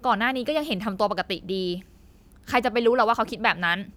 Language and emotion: Thai, angry